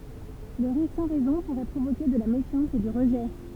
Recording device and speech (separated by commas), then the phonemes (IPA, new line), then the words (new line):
temple vibration pickup, read sentence
lə ʁiʁ sɑ̃ ʁɛzɔ̃ puʁɛ pʁovoke də la mefjɑ̃s e dy ʁəʒɛ
Le rire sans raison pourrait provoquer de la méfiance et du rejet.